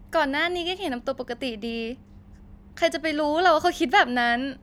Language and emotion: Thai, happy